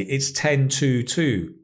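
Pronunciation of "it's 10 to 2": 'It's 10 to 2' is pronounced incorrectly here.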